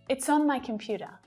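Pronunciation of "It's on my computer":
In 'It's on my computer', 'on' is linked to the word before it, 'It's'.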